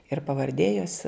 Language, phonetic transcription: Lithuanian, ir pavarˈdė jos

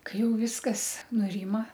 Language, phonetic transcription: Lithuanian, ˈkai ˈjau ˈviskas nuˈrima

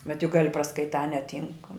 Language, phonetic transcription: Lithuanian, bet juk ˈgali praskaiˈtā neˈtynk

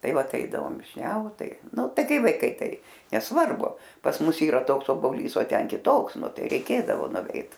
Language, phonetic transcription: Lithuanian, ˈtai ˈvat ˈeidavom višˈniaut ˈtai ˈnu ˈtai ˈkai vaiˈkai ˈtai nesˈvarbu pas ˈmus ˈyra ˈtoks oboˈlys o ˈten kiˈtoks ˈnu ˈtai reiˈkėdavo nuˈveit

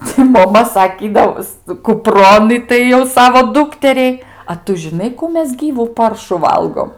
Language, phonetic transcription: Lithuanian, tai moˈma saˈkydavos kuˈpron ˈitai jau ˈsavo ˈdūkteriai a ˈtu žiˈnai kų ˈmes ˈgyvų ˈparšu ˈvalgom

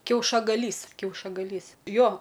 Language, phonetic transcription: Lithuanian, kiaušagaˈlys kiaušagaˈlys ˈjo

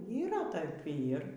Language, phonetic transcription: Lithuanian, yˈra ˈtaip ˈyr

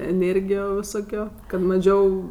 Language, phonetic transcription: Lithuanian, eˈnėrgijo viˈsokio kad maˈžiau

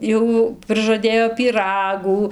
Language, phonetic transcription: Lithuanian, ˈjau prɨžaˈdėjo pyˈragų

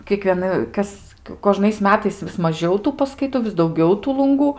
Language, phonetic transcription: Lithuanian, kiekvieˈna ˈkas koˈžnais ˈmetais vis maˈžiau ˈtų paskaiˈtu vis dauˈgiau ˈtų lunˈgų

